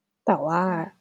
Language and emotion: Thai, sad